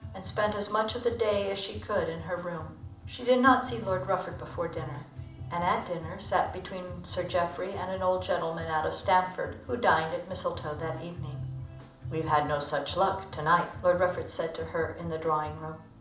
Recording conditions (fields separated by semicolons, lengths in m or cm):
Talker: one person; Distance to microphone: 2.0 m; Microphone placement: close; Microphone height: 99 cm; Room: medium-sized (5.7 m by 4.0 m); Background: music